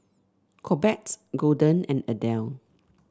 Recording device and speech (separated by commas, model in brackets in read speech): standing microphone (AKG C214), read sentence